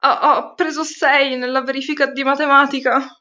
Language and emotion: Italian, fearful